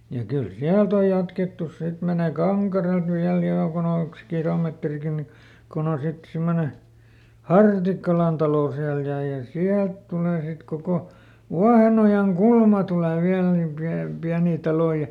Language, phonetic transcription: Finnish, ja kyl "siält ‿oj ˈjatkettus ˈsit menè "Kaŋkarelt viäl ˈjoŋkun ‿ollᵉks ˈkilometrikin ni , kon ‿on ˈsit ˈsimmone , "Hartikkalan talò siäl ja ja "siält tulè sit ˈkoko , "Vuahenojaŋ"kulma tule ˈviäl nim piä- , ˈpiänii ˈtaloⁱ ja ,.
- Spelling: ja kyllä sieltä on jatkettu sitten menemään Kankareelta vielä jonkun ollekos kilometrikin niin kun on sitten semmoinen Hartikkalan talo siellä ja ja sieltä tulee sitten koko Vuohenojankulma tulee vielä niin - pieniä taloja ja

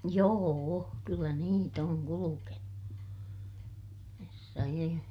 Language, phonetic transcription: Finnish, joo₍o , kyllä niit ‿oŋ kulukenu , herra ie .
- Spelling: joo kyllä niitä on kulkenut herra ie

